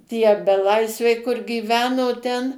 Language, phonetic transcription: Lithuanian, tie beˈlaisviai kur gyˈveno ˈten

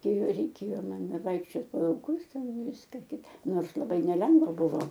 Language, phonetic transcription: Lithuanian, ˈkai reiˈkėjo aˈna ˈvaikščiot po lauˈkus ˈten ˈviska ˈkita ˈnors laˈbai neˈlengva ˈbuvo

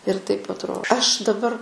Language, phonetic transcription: Lithuanian, ir taip atˈro aš daˈbar

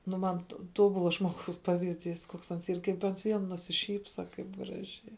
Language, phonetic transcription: Lithuanian, nu ˈman to ˈtobula žmoˈgaus ˈpavizˌdys koks ˈans ˈyr kaip ˈans ˈvien nusiˈšypsa ˈkaip ˈgražiai

